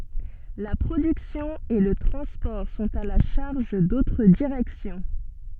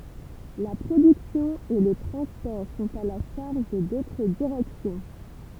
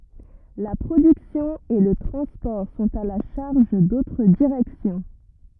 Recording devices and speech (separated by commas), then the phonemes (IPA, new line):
soft in-ear microphone, temple vibration pickup, rigid in-ear microphone, read sentence
la pʁodyksjɔ̃ e lə tʁɑ̃spɔʁ sɔ̃t a la ʃaʁʒ dotʁ diʁɛksjɔ̃